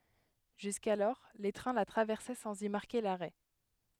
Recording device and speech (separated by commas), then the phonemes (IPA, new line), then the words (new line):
headset microphone, read sentence
ʒyskalɔʁ le tʁɛ̃ la tʁavɛʁsɛ sɑ̃z i maʁke laʁɛ
Jusqu'alors, les trains la traversaient sans y marquer l'arrêt.